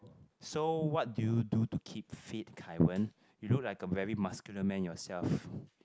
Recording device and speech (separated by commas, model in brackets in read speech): close-talking microphone, conversation in the same room